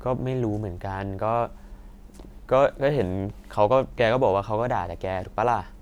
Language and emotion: Thai, frustrated